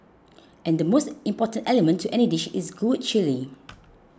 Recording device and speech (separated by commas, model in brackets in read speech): close-talking microphone (WH20), read sentence